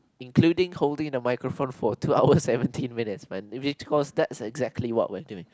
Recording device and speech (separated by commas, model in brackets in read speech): close-talking microphone, conversation in the same room